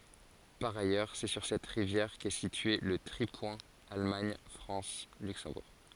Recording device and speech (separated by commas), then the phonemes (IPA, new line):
forehead accelerometer, read sentence
paʁ ajœʁ sɛ syʁ sɛt ʁivjɛʁ kɛ sitye lə tʁipwɛ̃ almaɲ fʁɑ̃s lyksɑ̃buʁ